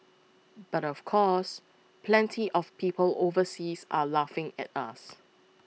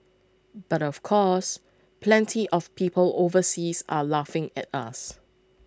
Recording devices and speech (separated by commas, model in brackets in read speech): mobile phone (iPhone 6), close-talking microphone (WH20), read sentence